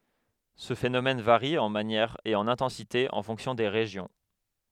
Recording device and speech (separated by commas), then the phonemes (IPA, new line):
headset microphone, read sentence
sə fenomɛn vaʁi ɑ̃ manjɛʁ e ɑ̃n ɛ̃tɑ̃site ɑ̃ fɔ̃ksjɔ̃ de ʁeʒjɔ̃